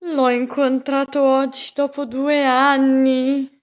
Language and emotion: Italian, disgusted